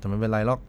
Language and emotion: Thai, frustrated